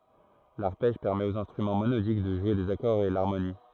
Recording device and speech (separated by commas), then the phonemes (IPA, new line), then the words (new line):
throat microphone, read sentence
laʁpɛʒ pɛʁmɛt oz ɛ̃stʁymɑ̃ monodik də ʒwe dez akɔʁz e laʁmoni
L'arpège permet aux instruments monodiques de jouer des accords et l'harmonie.